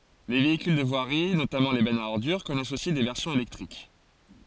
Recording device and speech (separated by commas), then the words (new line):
forehead accelerometer, read sentence
Les véhicules de voirie, notamment les bennes à ordures, connaissent aussi des versions électriques.